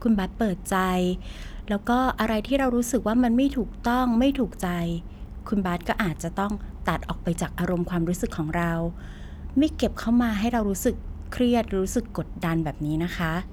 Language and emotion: Thai, neutral